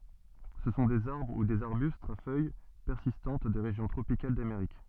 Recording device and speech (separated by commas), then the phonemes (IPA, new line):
soft in-ear microphone, read sentence
sə sɔ̃ dez aʁbʁ u dez aʁbystz a fœj pɛʁsistɑ̃t de ʁeʒjɔ̃ tʁopikal dameʁik